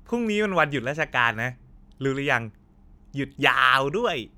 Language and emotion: Thai, happy